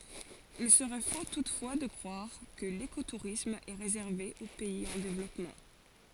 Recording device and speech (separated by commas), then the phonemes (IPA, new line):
forehead accelerometer, read sentence
il səʁɛ fo tutfwa də kʁwaʁ kə lekotuʁism ɛ ʁezɛʁve o pɛiz ɑ̃ devlɔpmɑ̃